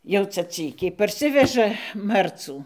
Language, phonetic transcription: Lithuanian, jau ˈca ˈcykiai parˈsiveža ˈmarcų

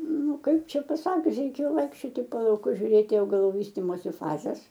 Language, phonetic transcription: Lithuanian, nu ˈkaip ˈčia paˈsakius reiˈkėjo ˈvaikščioti po lauˈkus žiuˈrėti augaˈlų ˈvystimosi ˈfazes

